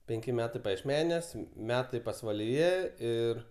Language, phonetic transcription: Lithuanian, penˈki ˈmetai pajiešˈmeniuos ˈmetai pasvaliˈje ˈir

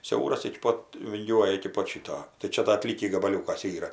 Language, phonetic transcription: Lithuanian, ˈsiauras iki ˈpot vinˈgiuoja iki ˈpot ˈšito tai ˈčia da aˈtlykį gabaˈliūkas ˈyra

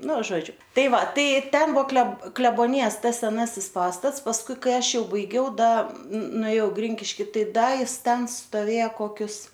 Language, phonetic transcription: Lithuanian, ˈnu ˈžodžiu ˈtai ˈva ˈtai ˈten ˈbuvo kle kleboˈnijas ˈtas seˈnasis ˈpastats pasˈkui ˈkai ˈaš ˈjau baiˈgiau da nuėˈjau ˈgrinkiški ˈtai ˈda ˈjis ˈten stoˈvėja koˈkius

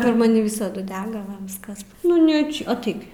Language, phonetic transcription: Lithuanian, per maˈni ˈvisadu ˈdega ˈva ˈviskas ˈnu ne ˈčia aˈtaik gi

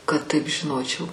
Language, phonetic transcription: Lithuanian, kad ˈtaip žiˈnočiau

